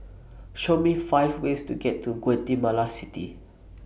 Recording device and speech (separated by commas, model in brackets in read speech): boundary microphone (BM630), read sentence